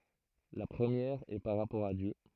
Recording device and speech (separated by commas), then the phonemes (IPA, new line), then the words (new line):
throat microphone, read sentence
la pʁəmjɛʁ ɛ paʁ ʁapɔʁ a djø
La première est par rapport à Dieu.